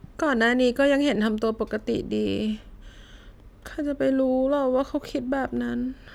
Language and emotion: Thai, sad